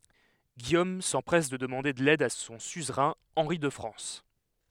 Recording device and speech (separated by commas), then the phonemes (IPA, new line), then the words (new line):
headset microphone, read sentence
ɡijom sɑ̃pʁɛs də dəmɑ̃de lɛd də sɔ̃ syzʁɛ̃ ɑ̃ʁi də fʁɑ̃s
Guillaume s'empresse de demander l'aide de son suzerain, Henri de France.